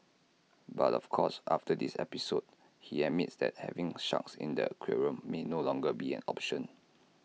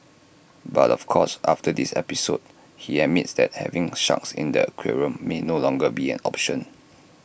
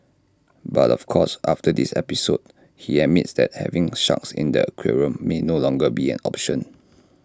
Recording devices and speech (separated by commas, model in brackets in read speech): mobile phone (iPhone 6), boundary microphone (BM630), standing microphone (AKG C214), read sentence